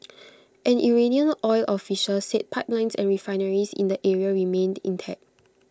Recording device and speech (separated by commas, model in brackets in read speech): close-talking microphone (WH20), read sentence